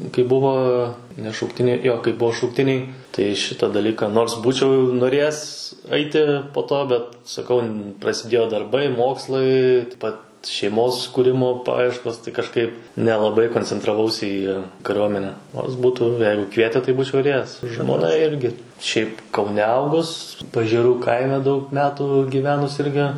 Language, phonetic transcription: Lithuanian, kai ˈbuvo ne šaukˈtiniai ˈjo kai ˈbuo šaukˈtiniai ˈtai ˈšitą daˈlyka ˈnors ˈbūčiau noˈrėjes ˈaiti po ˈto bet saˈkau prasiˈdėjo darˈbai ˈmokslai taip ˈpat šeiˈmos kūˈrimo ˈpajieškos tai kažˈkaip nelaˈbai koncentraˈvausi ˈį kaˈriuomene ˈnors ˈbūtų ˈjeigu ˈkviete ˈtai ˈbūčiau ir ˈėjęs žmoˈna ˈirgi šiaip kauˈne ˈaugus pažėˈrų ˈkaime daug ˈmetų gyˈvenus ˈirgi

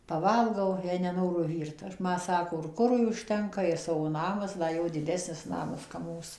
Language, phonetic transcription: Lithuanian, paˈvalgau jei neˈnoru ˈvyrt ˈma ˈsako ir ˈkurui užˈtenka ir ˈsavo ˈnamas da ˈjo diˈdesnis ˈnamas kap ˈmūs

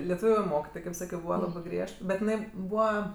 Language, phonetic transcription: Lithuanian, leˈtūviu ˈmokitoj kaip ˈsakio ˈbūva ˈlabɜ ˈgriežt bet iˈnai ˈbūva

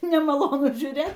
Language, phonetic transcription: Lithuanian, nemaˈlonu žiūˈrėt

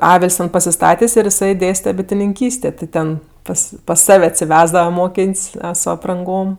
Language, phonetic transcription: Lithuanian, ˈavil's' ten pasiˈstatės' ir jiˈsai ˈdėste bitininˈkystė ti ˈten ˈpas pas ˈsav' atsiˈvesdava ˈmokėn's' su apranˈgom

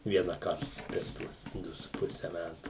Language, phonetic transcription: Lithuanian, vienaˈkart per ˈtuos ˈdu su ˈpuse ˈmætu

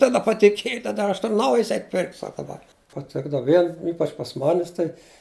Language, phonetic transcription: Lithuanian, taˈda patiˈkiej taˈda ˈaš ˈtur ˈnaujis ˈeit' pirkt' ˈsaka ba paˈtikdava ˈvien ˈypač pas ˈmanis tai

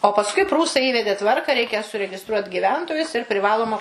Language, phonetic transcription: Lithuanian, o pasˈkui ˈprūsai ˈįvedė ˈtvarka ˈreikia suregiˈstruot' gyˈventojus ir priˈvaloma

